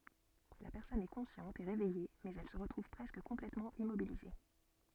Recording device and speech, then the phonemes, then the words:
soft in-ear microphone, read sentence
la pɛʁsɔn ɛ kɔ̃sjɑ̃t e ʁevɛje mɛz ɛl sə ʁətʁuv pʁɛskə kɔ̃plɛtmɑ̃ immobilize
La personne est consciente et réveillée mais elle se retrouve presque complètement immobilisée.

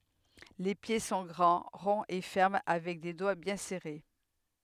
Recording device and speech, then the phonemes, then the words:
headset microphone, read sentence
le pje sɔ̃ ɡʁɑ̃ ʁɔ̃z e fɛʁm avɛk de dwa bjɛ̃ sɛʁe
Les pieds sont grands, ronds et fermes avec des doigts bien serrés.

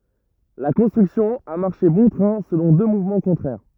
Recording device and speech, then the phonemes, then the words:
rigid in-ear microphone, read sentence
la kɔ̃stʁyksjɔ̃ a maʁʃe bɔ̃ tʁɛ̃ səlɔ̃ dø muvmɑ̃ kɔ̃tʁɛʁ
La construction a marché bon train selon deux mouvements contraires.

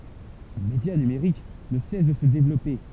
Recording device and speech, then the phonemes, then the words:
temple vibration pickup, read sentence
lə medja nymʁik nə sɛs də sə devlɔpe
Le média numerique ne cesse de se développer.

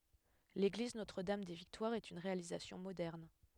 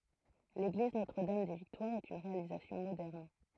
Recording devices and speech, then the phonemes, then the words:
headset microphone, throat microphone, read sentence
leɡliz notʁ dam de viktwaʁz ɛt yn ʁealizasjɔ̃ modɛʁn
L'église Notre-Dame-des-Victoires est une réalisation moderne.

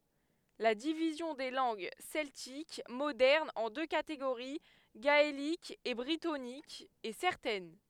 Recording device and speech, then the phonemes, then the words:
headset microphone, read sentence
la divizjɔ̃ de lɑ̃ɡ sɛltik modɛʁnz ɑ̃ dø kateɡoʁi ɡaelik e bʁitonik ɛ sɛʁtɛn
La division des langues celtiques modernes en deux catégories, gaélique et brittonique, est certaine.

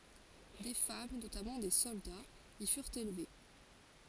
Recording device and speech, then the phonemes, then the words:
forehead accelerometer, read sentence
de fam notamɑ̃ de sɔldaz i fyʁt elve
Des femmes, notamment des soldats, y furent élevées.

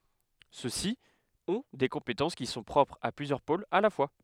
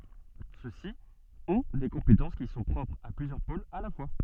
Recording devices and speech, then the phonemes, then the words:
headset microphone, soft in-ear microphone, read sentence
søksi ɔ̃ de kɔ̃petɑ̃s ki sɔ̃ pʁɔpʁz a plyzjœʁ polz a la fwa
Ceux-ci ont des compétences qui sont propres à plusieurs pôles à la fois.

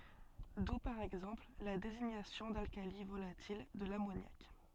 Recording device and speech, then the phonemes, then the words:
soft in-ear microphone, read sentence
du paʁ ɛɡzɑ̃pl la deziɲasjɔ̃ dalkali volatil də lamonjak
D'où par exemple la désignation d'alcali volatil de l'ammoniaque.

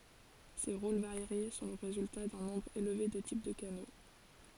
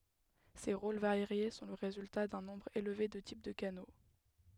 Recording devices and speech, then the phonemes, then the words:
forehead accelerometer, headset microphone, read sentence
se ʁol vaʁje sɔ̃ lə ʁezylta dœ̃ nɔ̃bʁ elve də tip də kano
Ces rôles variés sont le résultat d'un nombre élevé de types de canaux.

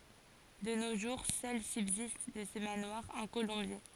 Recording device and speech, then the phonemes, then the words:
forehead accelerometer, read sentence
də no ʒuʁ sœl sybzist də sə manwaʁ œ̃ kolɔ̃bje
De nos jours, seul subsiste de ce manoir un colombier.

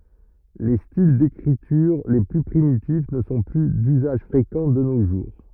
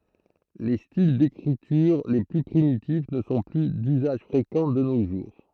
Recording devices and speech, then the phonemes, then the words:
rigid in-ear microphone, throat microphone, read sentence
le stil dekʁityʁ le ply pʁimitif nə sɔ̃ ply dyzaʒ fʁekɑ̃ də no ʒuʁ
Les styles d'écriture les plus primitifs ne sont plus d'usage fréquent de nos jours.

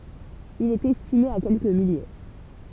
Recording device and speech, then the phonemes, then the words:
temple vibration pickup, read sentence
il ɛt ɛstime a kɛlkə milje
Il est estimé à quelques milliers.

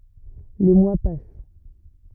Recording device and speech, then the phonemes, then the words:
rigid in-ear microphone, read sentence
le mwa pas
Les mois passent.

